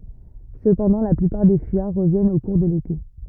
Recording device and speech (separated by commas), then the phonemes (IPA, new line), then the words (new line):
rigid in-ear microphone, read sentence
səpɑ̃dɑ̃ la plypaʁ de fyijaʁ ʁəvjɛnt o kuʁ də lete
Cependant la plupart des fuyards reviennent au cours de l'été.